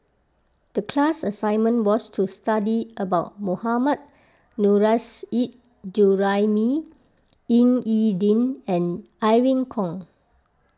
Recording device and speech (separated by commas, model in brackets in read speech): close-talking microphone (WH20), read sentence